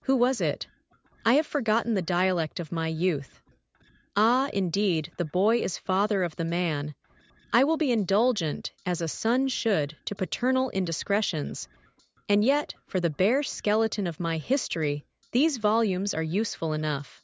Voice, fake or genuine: fake